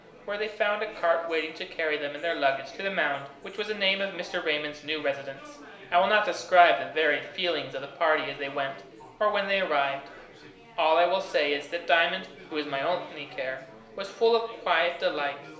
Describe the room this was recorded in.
A compact room.